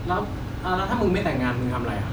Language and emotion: Thai, neutral